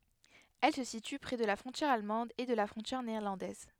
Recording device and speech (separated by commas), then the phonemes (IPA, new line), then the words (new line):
headset microphone, read sentence
ɛl sə sity pʁɛ də la fʁɔ̃tjɛʁ almɑ̃d e də la fʁɔ̃tjɛʁ neɛʁlɑ̃dɛz
Elle se situe près de la frontière allemande et de la frontière néerlandaise.